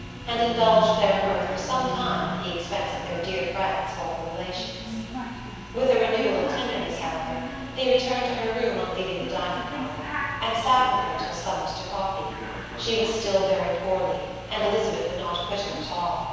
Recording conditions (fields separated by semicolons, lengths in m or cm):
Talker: one person; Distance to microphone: 7.1 m; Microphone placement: far; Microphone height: 1.7 m; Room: very reverberant, large; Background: television